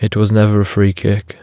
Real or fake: real